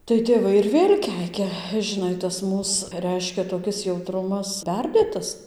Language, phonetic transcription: Lithuanian, tai tėˈvai ir ˈvėl' ˈkeikia žiˈnai tas ˈmūs ˈreiškia toˈkis jauˈtrumas ˈperdėtas

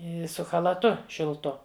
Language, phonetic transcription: Lithuanian, ˈi su chalaˈtu šilˈtu

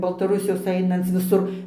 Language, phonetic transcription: Lithuanian, baltaˈrusijos ˈainanc viˈsur

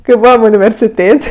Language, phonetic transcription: Lithuanian, kai ˈbūvam universiˈtėt'

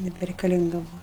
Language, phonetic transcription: Lithuanian, nebereikaˈlinga ˈbuva

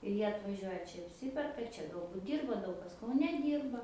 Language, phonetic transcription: Lithuanian, ir ˈjie atvaˈžiuoja ˈčia apˈsiperka ˈčia galˈbut ˈdyrba ˈdaug kas kauˈne ˈdyrba

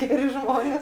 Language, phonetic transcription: Lithuanian, ˈgeri ˈžmonės

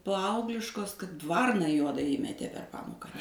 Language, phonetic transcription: Lithuanian, ˈpaaugliškos kad ˈvarna ˈjuoda ˈįmetė per ˈpamoka

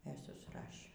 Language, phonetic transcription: Lithuanian, e susˈrašė

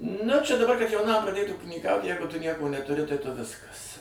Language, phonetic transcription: Lithuanian, nu čia daˈbar kad jauˈnam praˈdėt ūkinyˈkaut ˈjeigu tu ˈnieko netuˈri tai tu ˈviskas

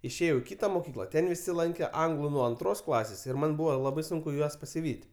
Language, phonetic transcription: Lithuanian, išˈėjau i ˈkita moˈkykla ˈten viˈsi ˈlankė ˈanglu nuo anˈtros ˈklasės ir ˈman ˈbuvo ˈlabai ˈsunku ˈjuos pasiˈvyt'

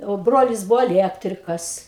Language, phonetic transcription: Lithuanian, o ˈbrolis ˈbuvo aˈliektrikas

